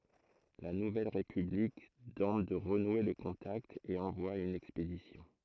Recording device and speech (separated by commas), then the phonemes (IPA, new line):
throat microphone, read sentence
la nuvɛl ʁepyblik tɑ̃t də ʁənwe lə kɔ̃takt e ɑ̃vwa yn ɛkspedisjɔ̃